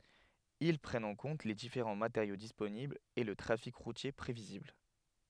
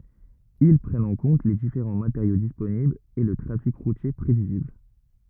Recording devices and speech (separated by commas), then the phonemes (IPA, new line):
headset microphone, rigid in-ear microphone, read sentence
il pʁɛnt ɑ̃ kɔ̃t le difeʁɑ̃ mateʁjo disponiblz e lə tʁafik ʁutje pʁevizibl